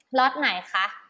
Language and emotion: Thai, neutral